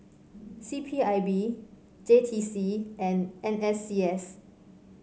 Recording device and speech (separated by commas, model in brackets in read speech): mobile phone (Samsung C5), read sentence